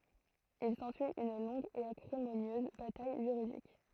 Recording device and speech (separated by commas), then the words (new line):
throat microphone, read sentence
Il s'ensuit une longue et acrimonieuse bataille juridique.